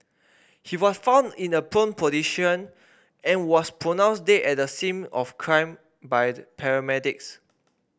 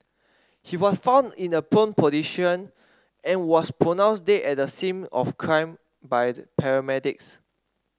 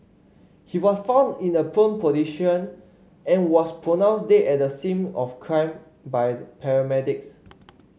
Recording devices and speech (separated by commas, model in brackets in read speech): boundary microphone (BM630), standing microphone (AKG C214), mobile phone (Samsung C5), read sentence